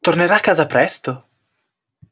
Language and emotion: Italian, surprised